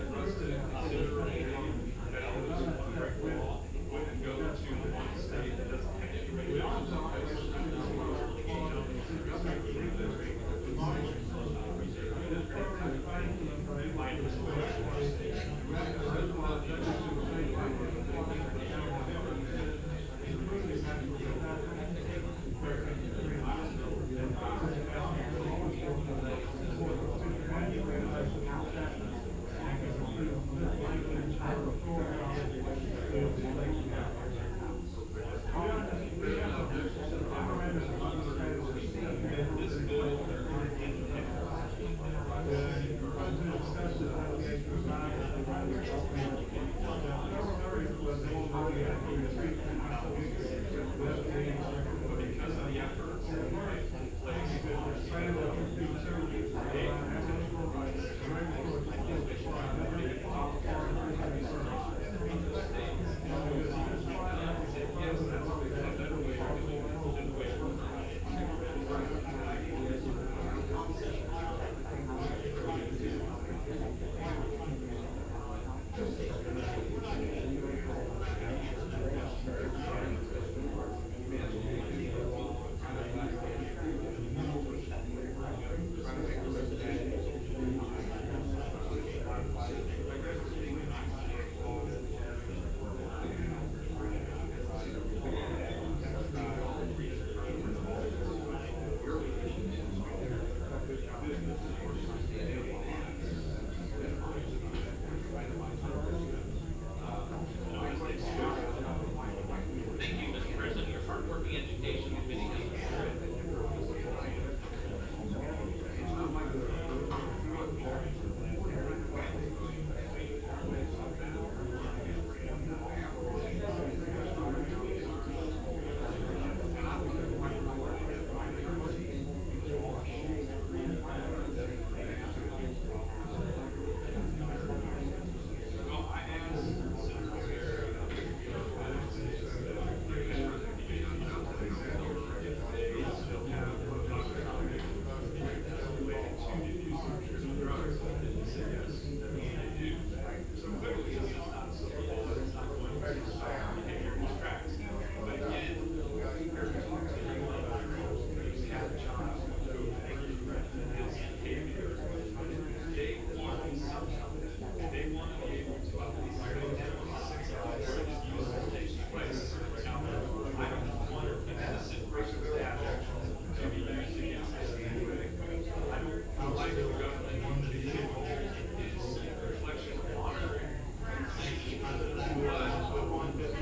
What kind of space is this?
A spacious room.